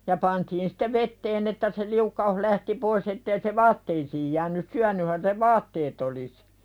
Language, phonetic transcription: Finnish, ja 'pantiin sɪte "vetteen ‿että se 'liukka₍uh lähti "pois ettei se "vaatteisiij jään̆nys 'syän̆nyhän se "vaatteet ‿olis .
- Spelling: ja pantiin sitten veteen että se liukkaus lähti pois että ei se vaatteisiin jäänyt syönythän se vaatteet olisi

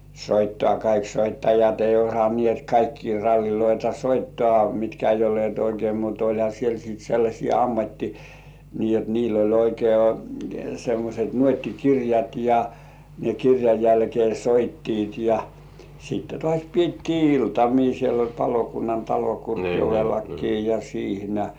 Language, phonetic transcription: Finnish, kaik 'soittajat ei osaǹĭèt 'kaikkii ralliloita "soittŏà mitkä ei 'ollĭèt oikei mut 'oĺha siel sìt sellaśii "ammatti- , nii jot niil ‿oĺ oikei semmośet 'nuot́ti"kirjat ja , ne 'kirjaj jälkĭè "soittiit ja , sitte "tŏàś piettii 'iltamii siel ‿oĺ palokunnantalo 'Kurkjovellakkii ja 'siihnä .
- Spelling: kaikki soittajat ei osanneet kaikkia ralleja soittaa mitkä ei olleet oikein mutta olihan siellä sitten sellaisia - niin jotta niillä oli oikein semmoiset nuottikirjat ja ne kirjan jälkeen soittivat ja sitten taas pidettiin iltamia siellä oli palokunnantalo Kurkijoellakin ja siinä

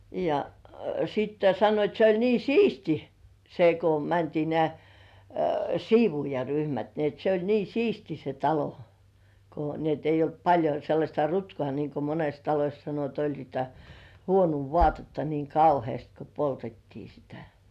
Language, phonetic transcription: Finnish, ja , sitte 'sannoit se ‿oĺ nii "siisti , se ko 'mäntii nĕä̀ , "siivuujaryhmät ni ‿et se ‿oĺ "siisti se 'talo , ko ni ‿et eij̆j ‿olt 'paĺjo sellaśta "rutkŏà nìŋko 'mones "taloś sano et ‿oĺ niitä "huonuu 'vo§àtetta niŋ "kauhĭèst ko poltettii sitᴀ̈ .
- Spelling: ja sitten sanoivat se oli niin siisti se kun mentiin nämä siivoojaryhmät niin että se oli siisti se talo kun niin että ei ollut paljon sellaista rutkaa niin kuin monessa talossa sanoi että oli niitä huonoa vaatetta niin kauheasti kun poltettiin sitä

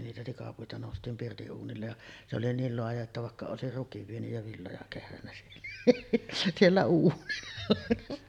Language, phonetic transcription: Finnish, niitä tikapuita nòust̀iim pirti’ '’uunillej ja , se oli "niil 'loaja että vàekka 'òesir "rukiv vienyj ja villoja kehrännä siellä , 'siellä uunilla .
- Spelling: niitä tikapuita noustiin pirtin uunille ja se oli niin laaja että vaikka olisi rukin vienyt ja villoja kehrännyt siellä siellä uunilla

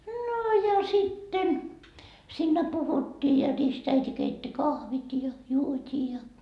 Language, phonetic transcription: Finnish, no ja sitten , siinnä 'puhuttii ja 'ristäiti keitti 'kahvit ja , 'juot́ii ja .
- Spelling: no ja sitten siinä puhuttiin ja ristiäiti keitti kahvit ja juotiin ja

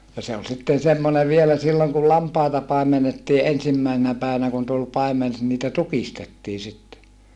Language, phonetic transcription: Finnish, ja se ol sitten semmonev vielä silloŋ kul lampàeta pàemenettii ensimmäisenä pä̀i̮(vä)nä kun tul paimen , niitä tukistettii sitte .
- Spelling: ja se oli sitten semmoinen vielä silloin kun lampaita paimennettiin ensimmäisenä päivänä kun tuli paimen niitä tukistettiin sitten

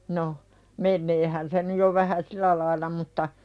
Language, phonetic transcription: Finnish, no , 'menneehän se nyj jo vähä "silä lail̆la mutta ,.
- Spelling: no meneehän se nyt jo vähän sillä lailla mutta

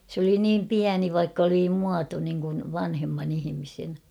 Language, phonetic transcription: Finnish, s ‿oli 'niim "piäni vaikk ‿oli 'muato niŋkun , 'vanhemman ‿ihimisen .
- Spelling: se oli niin pieni vaikka oli muoto niin kuin vanhemman ihmisen

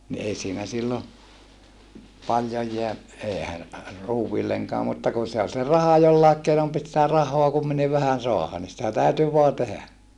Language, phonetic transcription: Finnish, ni ei siinä sillo , paljoj jeä , eehä , ruuwvilleŋkaa mutta kun̬ se ol se raha jollàek keinom pit sⁱtä rah̀oa kumminiv vähän soaha ni sitä tä̀yty voa tehä .
- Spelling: niin ei siinä silloin paljon jää eihän ruuillekaan mutta kun se oli se raha jollakin keinoin piti sitä rahaa kumminkin vähän saada niin sitä täytyi vain tehdä

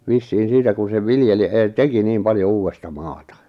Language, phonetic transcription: Finnish, vissiin̬ 'siitä kun̬ sev 'viljeli è-'teki 'nim 'paljo 'uuwesta "maata .
- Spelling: vissiin siitä kun sen viljeli etenkin niin paljon uutta maata

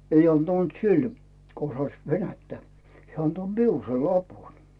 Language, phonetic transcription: Finnish, 'ei 'antant "sil , ko osaⁱs 'venättä , 'hᵉä anto "miul sei 'lapun .
- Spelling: ei antanut sillä kun osasi venäjää hän antoi minulle sen lapun

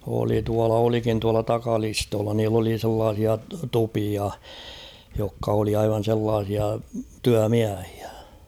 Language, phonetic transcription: Finnish, oli tuala 'olikin tuala "takalistoolla niill ‿oli sellaasia 'tupia , jokka oli aivan̬ sellaasia "tyä'miähɪᴀ̈ .
- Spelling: oli tuolla olikin tuolla takalistolla niillä oli sellaisia tupia jotka oli aivan sellaisia työmiehiä

